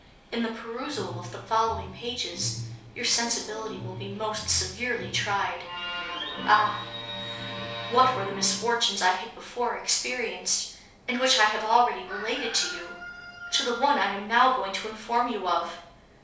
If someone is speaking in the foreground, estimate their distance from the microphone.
3.0 m.